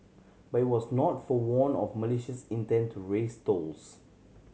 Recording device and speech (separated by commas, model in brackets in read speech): mobile phone (Samsung C7100), read sentence